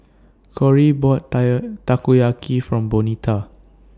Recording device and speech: standing microphone (AKG C214), read sentence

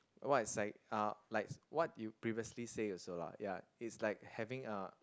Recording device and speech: close-talking microphone, conversation in the same room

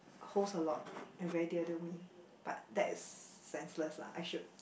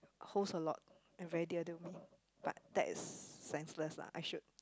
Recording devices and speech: boundary microphone, close-talking microphone, conversation in the same room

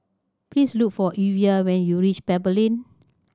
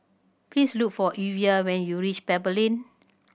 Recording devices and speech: standing microphone (AKG C214), boundary microphone (BM630), read sentence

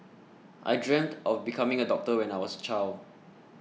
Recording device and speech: mobile phone (iPhone 6), read sentence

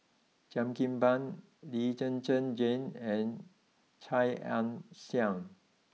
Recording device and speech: mobile phone (iPhone 6), read sentence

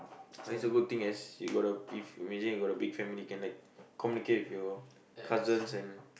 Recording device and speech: boundary microphone, conversation in the same room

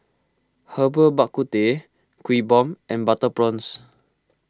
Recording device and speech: close-talking microphone (WH20), read sentence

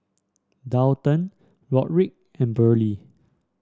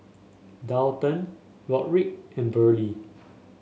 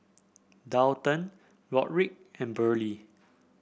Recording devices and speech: standing microphone (AKG C214), mobile phone (Samsung S8), boundary microphone (BM630), read sentence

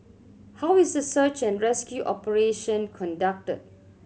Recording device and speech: mobile phone (Samsung C7100), read sentence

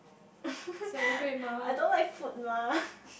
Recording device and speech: boundary microphone, conversation in the same room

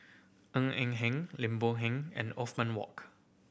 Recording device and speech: boundary microphone (BM630), read sentence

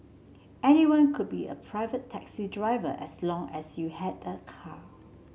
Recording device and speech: mobile phone (Samsung C7), read sentence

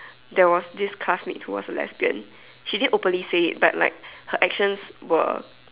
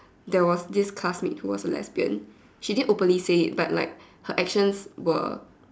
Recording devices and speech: telephone, standing microphone, conversation in separate rooms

